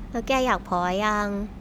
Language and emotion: Thai, neutral